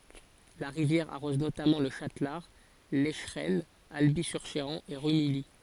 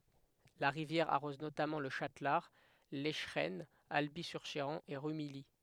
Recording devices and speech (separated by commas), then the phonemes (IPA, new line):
forehead accelerometer, headset microphone, read sentence
la ʁivjɛʁ aʁɔz notamɑ̃ lə ʃatlaʁ lɛʃʁɛnə albi syʁ ʃeʁɑ̃ e ʁymiji